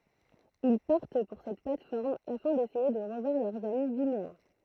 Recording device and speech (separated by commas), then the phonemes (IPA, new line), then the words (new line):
throat microphone, read sentence
il paʁt puʁ sɛt plat fɔʁm afɛ̃ desɛje də ʁəvwaʁ lœʁz ami vineɛ̃
Ils partent pour cette plate-forme afin d'essayer de revoir leurs amis vinéens.